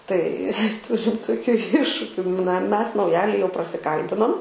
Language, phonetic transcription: Lithuanian, tai ˈturim toˈkių ˈiššukiu na ˈmes nauˈjali jau prasiˈkalbinom

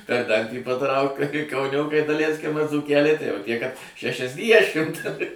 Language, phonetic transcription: Lithuanian, per ˈdantį paˈtrauk kai kauˈniokai daˈleiskim ar dzūˈkeliai tai jau ˈtie kad šešiasˈdiešimt

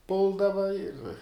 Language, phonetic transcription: Lithuanian, ˈpuldava ir

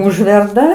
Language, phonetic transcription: Lithuanian, ˈužverda

